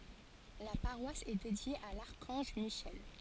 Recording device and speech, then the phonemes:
forehead accelerometer, read sentence
la paʁwas ɛ dedje a laʁkɑ̃ʒ miʃɛl

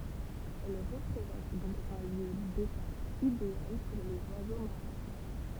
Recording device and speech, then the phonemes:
temple vibration pickup, read sentence
ɛl ʁəpʁezɑ̃t dɔ̃k œ̃ ljø detap ideal puʁ lez wazo maʁɛ̃

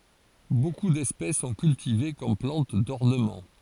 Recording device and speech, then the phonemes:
forehead accelerometer, read sentence
boku dɛspɛs sɔ̃ kyltive kɔm plɑ̃t dɔʁnəmɑ̃

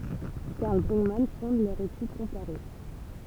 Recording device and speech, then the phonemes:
temple vibration pickup, read sentence
kaʁl bʁyɡman fɔ̃d lœʁ etyd kɔ̃paʁe

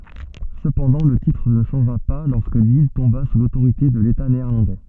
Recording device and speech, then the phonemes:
soft in-ear microphone, read sentence
səpɑ̃dɑ̃ lə titʁ nə ʃɑ̃ʒa pa lɔʁskə lil tɔ̃ba su lotoʁite də leta neɛʁlɑ̃dɛ

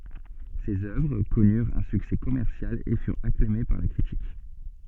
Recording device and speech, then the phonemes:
soft in-ear microphone, read sentence
sez œvʁ kɔnyʁt œ̃ syksɛ kɔmɛʁsjal e fyʁt aklame paʁ la kʁitik

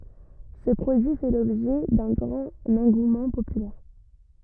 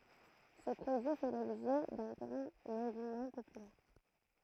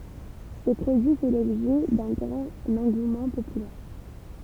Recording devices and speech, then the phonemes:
rigid in-ear microphone, throat microphone, temple vibration pickup, read sentence
sə pʁodyi fɛ lɔbʒɛ dœ̃ ɡʁɑ̃t ɑ̃ɡumɑ̃ popylɛʁ

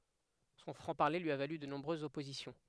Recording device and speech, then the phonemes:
headset microphone, read sentence
sɔ̃ fʁɑ̃ paʁle lyi a valy də nɔ̃bʁøzz ɔpozisjɔ̃

